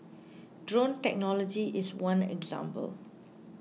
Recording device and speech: mobile phone (iPhone 6), read sentence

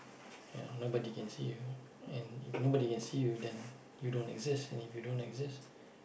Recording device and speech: boundary microphone, conversation in the same room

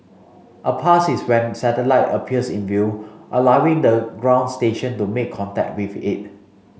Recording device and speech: mobile phone (Samsung C5), read sentence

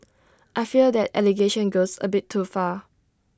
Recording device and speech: standing microphone (AKG C214), read sentence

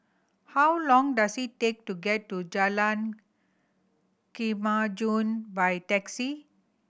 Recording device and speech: boundary microphone (BM630), read sentence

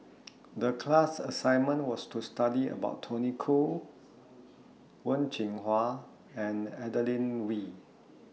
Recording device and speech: mobile phone (iPhone 6), read sentence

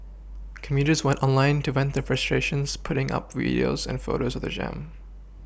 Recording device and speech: boundary microphone (BM630), read sentence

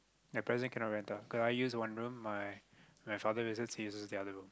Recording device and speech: close-talking microphone, conversation in the same room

